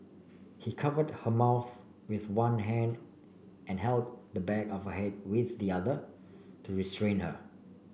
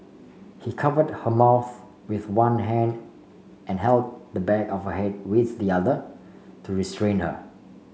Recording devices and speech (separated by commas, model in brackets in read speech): boundary microphone (BM630), mobile phone (Samsung C5), read sentence